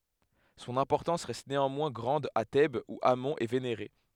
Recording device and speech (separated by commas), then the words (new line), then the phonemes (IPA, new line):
headset microphone, read sentence
Son importance reste néanmoins grande à Thèbes où Amon est vénéré.
sɔ̃n ɛ̃pɔʁtɑ̃s ʁɛst neɑ̃mwɛ̃ ɡʁɑ̃d a tɛbz u amɔ̃ ɛ veneʁe